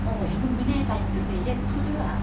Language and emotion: Thai, frustrated